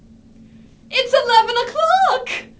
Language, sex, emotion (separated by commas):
English, female, fearful